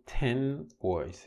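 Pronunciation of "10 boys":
'Ten boys' is said slowly, with both words enunciated very clearly.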